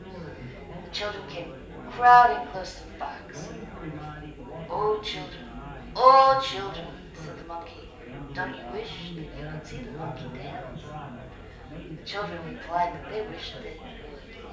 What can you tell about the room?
A large room.